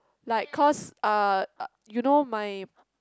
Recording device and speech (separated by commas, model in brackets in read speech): close-talking microphone, conversation in the same room